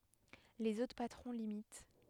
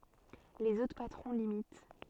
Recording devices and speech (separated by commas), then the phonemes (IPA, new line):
headset microphone, soft in-ear microphone, read sentence
lez otʁ patʁɔ̃ limit